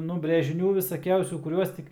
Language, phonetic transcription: Lithuanian, nu brėžiˈnių visaˈkiausių kuˈriuos tik

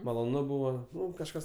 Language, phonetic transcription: Lithuanian, maloˈnu ˈbuvo ˈnu kažˈkas

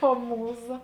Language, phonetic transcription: Lithuanian, o ˈmūˌza

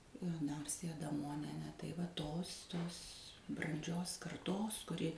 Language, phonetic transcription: Lithuanian, aˈnarsija adaˈmonienė tai va ˈtos ˈtos branˈdžios karˈtos kuˈri

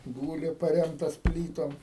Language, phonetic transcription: Lithuanian, ˈgūli paˈremtas ˈplytom

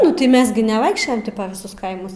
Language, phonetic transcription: Lithuanian, ˈnu tai ˈmes gi neˈvaikščiojam ˈti pa viˈsus ˈkaimus

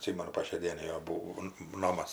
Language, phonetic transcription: Lithuanian, atˈsimenu po šiai ˈdienai ˈjo būo ˈnomas

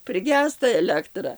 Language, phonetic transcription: Lithuanian, priˈgęsta eˈlektra

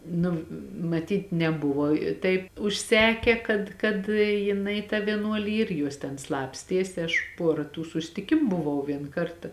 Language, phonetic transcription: Lithuanian, ˈnu maˈtyt neˈbuvo i ˈtaip užˈseke kad kad jiˈnai tą vieˈnuoli ˈyr ˈjuos ten ˈslapstiesi ˈaš ˈpuora tų susˈtikimu buˈvau ˈvien ˈkarta

